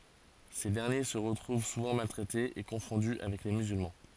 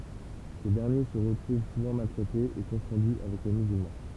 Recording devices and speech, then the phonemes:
forehead accelerometer, temple vibration pickup, read sentence
se dɛʁnje sə ʁətʁuv suvɑ̃ maltʁɛtez e kɔ̃fɔ̃dy avɛk le myzylmɑ̃

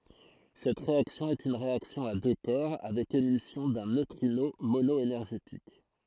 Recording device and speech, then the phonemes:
throat microphone, read sentence
sɛt ʁeaksjɔ̃ ɛt yn ʁeaksjɔ̃ a dø kɔʁ avɛk emisjɔ̃ dœ̃ nøtʁino monɔenɛʁʒetik

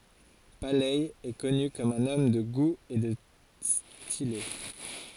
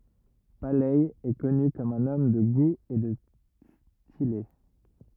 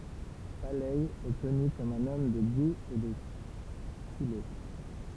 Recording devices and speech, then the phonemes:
forehead accelerometer, rigid in-ear microphone, temple vibration pickup, read sentence
palɛ ɛ kɔny kɔm œ̃n ɔm də ɡu e də stile

